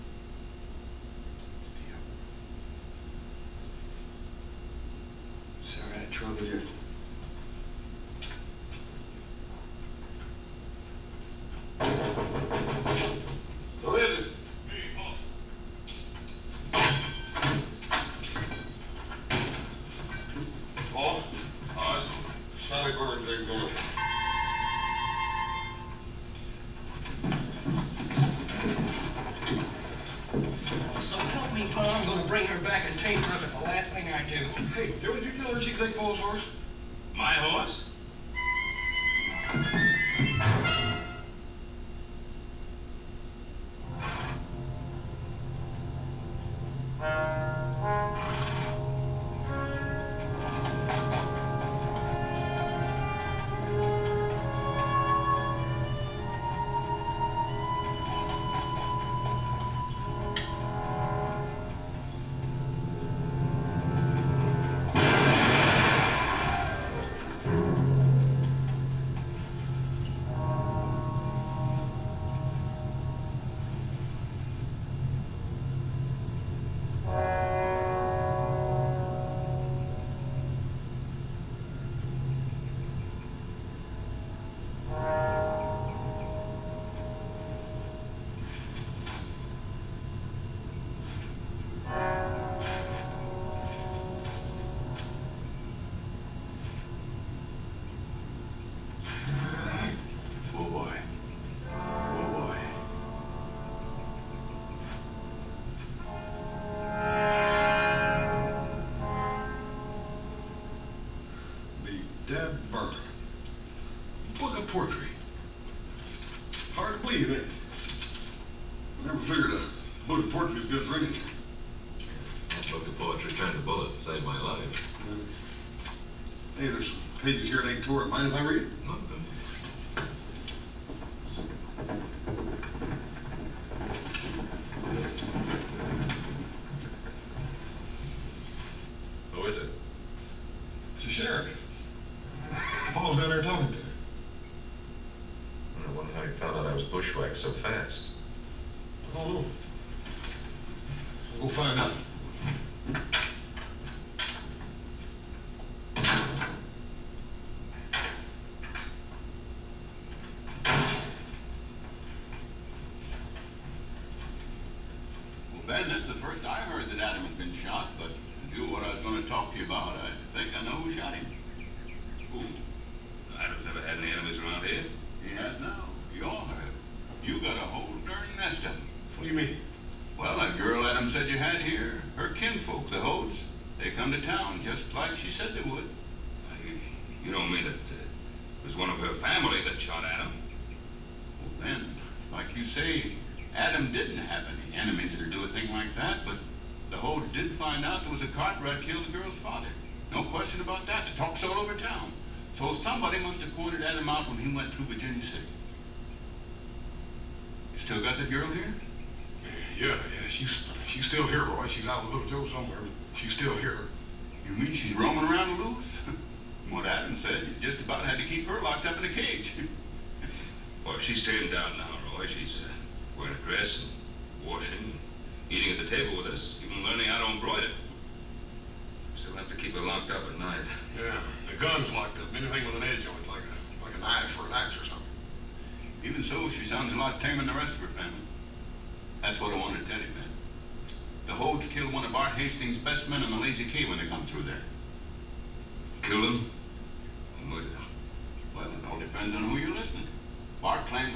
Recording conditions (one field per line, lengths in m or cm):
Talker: no one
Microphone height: 1.8 m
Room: large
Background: television